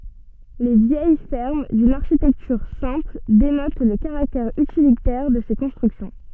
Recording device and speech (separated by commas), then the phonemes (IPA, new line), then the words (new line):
soft in-ear microphone, read sentence
le vjɛj fɛʁm dyn aʁʃitɛktyʁ sɛ̃pl denot lə kaʁaktɛʁ ytilitɛʁ də se kɔ̃stʁyksjɔ̃
Les vieilles fermes, d'une architecture simple, dénotent le caractère utilitaire de ces constructions.